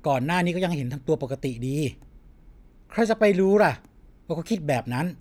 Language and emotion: Thai, frustrated